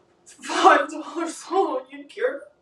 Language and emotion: English, sad